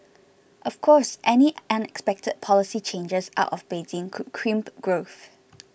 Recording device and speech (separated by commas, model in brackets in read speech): boundary microphone (BM630), read sentence